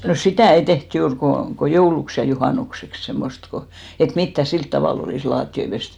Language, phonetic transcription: Finnish, no "sitä̀ ei 'teht "juur ko , ko 'jouluks ja 'juhànukseks 'semmost ko , et 'mittä "silt tavàl ‿olìs 'laatti₍oi pest .
- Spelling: no sitä ei tehty juuri kuin kuin jouluksi ja juhannukseksi semmoista kun että mitään sillä tavalla olisi lattioita pesty

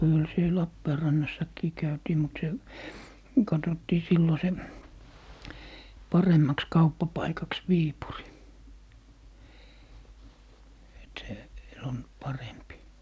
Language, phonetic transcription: Finnish, 'kyl 'siel "Lappeerannassakkii 'käytii mut 'se , 'katottii 'sillo se , 'paremmaks 'kauppapaikaks "Viipuri , et se , on , 'parempi .
- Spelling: kyllä siellä Lappeenrannassakin käytiin mutta se katsottiin silloin se paremmaksi kauppapaikaksi Viipuri että se on parempi

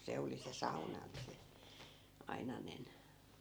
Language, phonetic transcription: Finnish, 'se oli se 'sauna ni se , 'ainanen ,.
- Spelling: se oli se sauna niin se ainainen

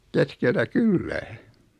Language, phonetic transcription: Finnish, 'keskeltä "kyllä .
- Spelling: keskeltä kylää

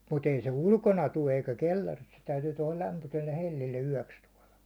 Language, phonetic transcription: Finnish, mut ‿ei se "ulkona tu eikä 'kel̜l̜aris , se täytyy tuåla lämpyselle 'hel̜l̜ille 'yäₒks tuåla .
- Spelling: mutta ei se ulkona tule eikä kellarissa se täytyy tuolla lämpöiselle hellalle yöksi tuoda

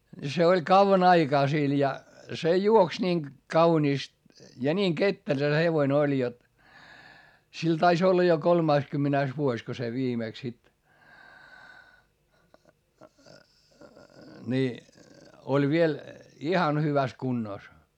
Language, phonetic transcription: Finnish, ni se oĺ kauvan ‿aikaa sil ja , se juoks niiŋ , kauniist , ja niiŋ kettel(ä) se hevoⁱn ‿oĺ jot , sil tais ‿olla jo kolmaiskymmänäis vuoś ko se viimèks sit , ni , oĺ viel , ihan hyväs kunnòs .
- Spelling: niin se oli kauan aikaa sillä ja se juoksi niin kauniisti ja niin ketterä se hevonen oli jotta sillä taisi olla jo kolmaskymmenes vuosi kun se viimeksi sitten niin oli vielä ihan hyvässä kunnossa

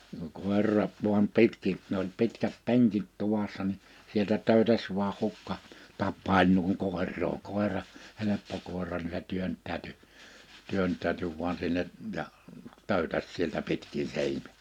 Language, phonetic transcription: Finnish, (kuŋ) 'kòer̳r̳a , vuam 'pitki , ne ‿oĺ 'pitkät 'peŋkit 'tuvassa ni , 'sieltä 'tö̀ytäs vᵘaa 'hukka , 'tappàiĺ nuiŋ 'kòer̆roo kòira , 'heleppo 'kòera ni se 'työnt̆tääty , 'työnttääty vuan sinne , ja , 'töuytäs sieltä 'pitkin 'sein- .
- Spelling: kun koira vain pitkin ne oli pitkät penkit tuvassa niin sieltä töytäsi vain hukka tapaili noin koiraa koira helppo koira niin se työntäytyi työntäytyi vain sinne ja töytäsi sieltä pitkin -

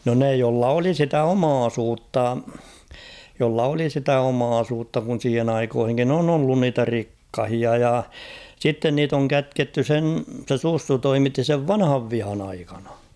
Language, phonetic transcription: Finnish, no 'ne jolla 'oli sitä "omaasuutta , jolla 'oli sitä "omaasuutta kun̬ 'siihen ‿aikoohiŋkin ‿'on ‿ollun 'niitä "rikkahia ja , 'sitten niit ‿oŋ "kätketty 'sen , se "Sussu "toimitti sev "vanhav 'vihan ‿aikanᴀ .
- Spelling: no ne jolla oli sitä omaisuutta jolla oli sitä omaisuutta kun siihen aikoihinkin on ollut niitä rikkaita ja sitten niitä on kätketty sen se Sussu toimitti sen vanhan vihan aikana

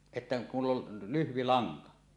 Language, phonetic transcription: Finnish, että , mull ‿ol 'lyhvi 'laŋka .
- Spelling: että minulla oli lyhyt lanka

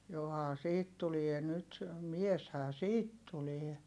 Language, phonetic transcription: Finnish, johaa siit tulie nyt , mieshää siit tulie .
- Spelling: johan siitä tulee nyt mieshän siitä tulee

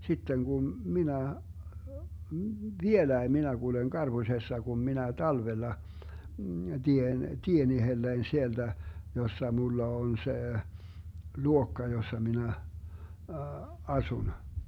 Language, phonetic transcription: Finnish, 'sitten Gum , 'minä , "vieläi 'minä 'Guleŋ 'GarBusessa Gum minä 'talvella , 'Dien "tien 'ihellein 'sielDä , 'jossa 'mulla 'on 'se , "luokka 'jossa 'minä , "asun .
- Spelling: sitten kun minä vieläkin minä kuljen karpusessa kun minä talvella teen tien itselleni sieltä jossa minulla on se luokka jossa minä asun

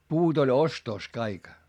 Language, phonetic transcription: Finnish, puut ‿oĺ ostos kaik .
- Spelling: puut oli ostossa kaikki

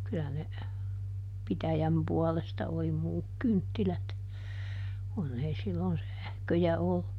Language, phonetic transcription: Finnish, ˈkylä ne , "pitäjäm ˈpuɔlesta oli "muuk ˈkynttilät , ˈkunn ‿ei ˈsillon "sähköjä ollu .
- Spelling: kyllä ne pitäjän puolesta oli muut kynttilät kun ei silloin sähköjä ollut

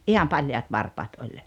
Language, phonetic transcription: Finnish, '’iham 'paljaat 'varpaat oĺ .
- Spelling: ihan paljaat varpaat oli

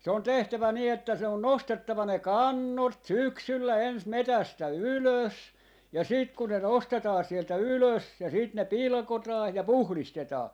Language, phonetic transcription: Finnish, se on 'tehtävä nii että se on 'nostettava ne "kannot "syksyllä 'ens 'metästä "ylös , ja 'siit kun ne 'nostetaa 'sieltä "ylös ja sit ne "pilᵒkotaa , ja "puhlistetaa .
- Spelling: se on tehtävä niin että se on nostettava ne kannot syksyllä ensin metsästä ylös ja sitten kun ne nostetaan sieltä ylös ja sitten ne pilkotaan ja puhdistetaan

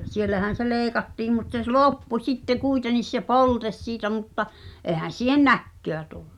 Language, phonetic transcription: Finnish, 'siellähän̬ se "leeⁱkattiim mut se s- "lòppu sitte 'kuitenis se "poltes siitä mutta , '’èhän̬ siihen̆ "näkköä tullᴜ .
- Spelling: siellähän se leikattiin mutta se - loppui sitten kuitenkin se polte siitä mutta eihän siihen näköä tullut

